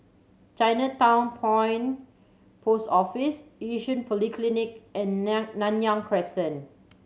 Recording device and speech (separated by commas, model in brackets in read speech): mobile phone (Samsung C7100), read sentence